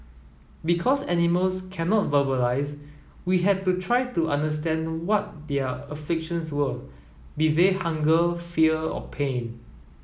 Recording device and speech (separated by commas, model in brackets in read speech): mobile phone (iPhone 7), read sentence